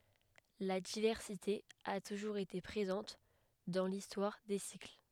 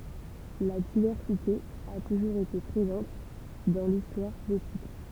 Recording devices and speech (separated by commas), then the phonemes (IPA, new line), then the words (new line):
headset microphone, temple vibration pickup, read sentence
la divɛʁsite a tuʒuʁz ete pʁezɑ̃t dɑ̃ listwaʁ de sikl
La diversité a toujours été présente dans l'histoire des cycles.